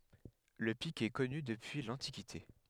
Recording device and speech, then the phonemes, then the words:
headset microphone, read sentence
lə pik ɛ kɔny dəpyi lɑ̃tikite
Le pic est connu depuis l'Antiquité.

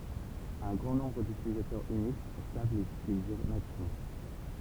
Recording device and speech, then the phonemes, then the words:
temple vibration pickup, read sentence
œ̃ ɡʁɑ̃ nɔ̃bʁ dytilitɛʁz yniks sav lez ytilize nativmɑ̃
Un grand nombre d’utilitaires Unix savent les utiliser nativement.

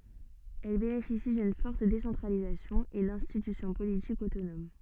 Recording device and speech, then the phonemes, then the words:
soft in-ear microphone, read sentence
ɛl benefisi dyn fɔʁt desɑ̃tʁalizasjɔ̃ e dɛ̃stitysjɔ̃ politikz otonom
Elles bénéficient d'une forte décentralisation et d'institutions politiques autonomes.

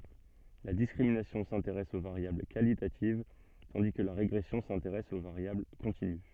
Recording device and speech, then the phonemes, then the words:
soft in-ear microphone, read sentence
la diskʁiminasjɔ̃ sɛ̃teʁɛs o vaʁjabl kalitativ tɑ̃di kə la ʁeɡʁɛsjɔ̃ sɛ̃teʁɛs o vaʁjabl kɔ̃tiny
La discrimination s’intéresse aux variables qualitatives, tandis que la régression s’intéresse aux variables continues.

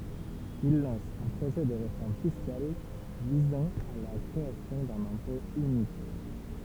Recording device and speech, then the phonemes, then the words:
temple vibration pickup, read sentence
il lɑ̃s œ̃ pʁoʒɛ də ʁefɔʁm fiskal vizɑ̃ a la kʁeasjɔ̃ dœ̃n ɛ̃pɔ̃ ynik
Il lance un projet de réforme fiscale visant à la création d’un impôt unique.

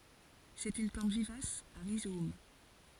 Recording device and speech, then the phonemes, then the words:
forehead accelerometer, read sentence
sɛt yn plɑ̃t vivas a ʁizom
C'est une plante vivace à rhizomes.

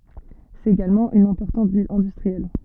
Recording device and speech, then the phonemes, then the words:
soft in-ear microphone, read sentence
sɛt eɡalmɑ̃ yn ɛ̃pɔʁtɑ̃t vil ɛ̃dystʁiɛl
C'est également une importante ville industrielle.

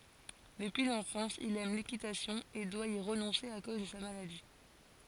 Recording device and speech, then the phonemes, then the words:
forehead accelerometer, read sentence
dəpyi lɑ̃fɑ̃s il ɛm lekitasjɔ̃ e dwa i ʁənɔ̃se a koz də sa maladi
Depuis l’enfance, il aime l’équitation et doit y renoncer à cause de sa maladie.

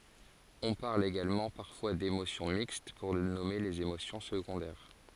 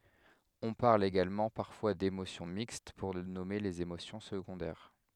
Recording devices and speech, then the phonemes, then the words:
forehead accelerometer, headset microphone, read sentence
ɔ̃ paʁl eɡalmɑ̃ paʁfwa demosjɔ̃ mikst puʁ nɔme lez emosjɔ̃ səɡɔ̃dɛʁ
On parle également parfois d'émotions mixtes pour nommer les émotions secondaires.

